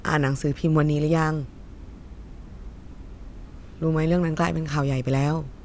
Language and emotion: Thai, sad